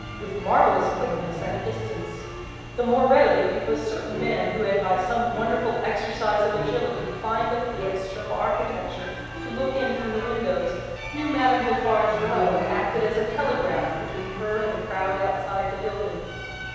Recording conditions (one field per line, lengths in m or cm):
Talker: one person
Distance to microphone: 7.1 m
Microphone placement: far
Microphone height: 1.7 m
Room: very reverberant, large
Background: music